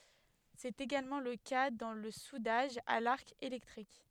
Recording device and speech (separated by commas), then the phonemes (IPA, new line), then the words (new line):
headset microphone, read sentence
sɛt eɡalmɑ̃ lə ka dɑ̃ lə sudaʒ a laʁk elɛktʁik
C'est également le cas dans le soudage à l'arc électrique.